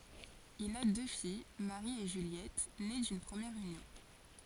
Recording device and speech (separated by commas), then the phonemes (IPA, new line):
forehead accelerometer, read sentence
il a dø fij maʁi e ʒyljɛt ne dyn pʁəmjɛʁ ynjɔ̃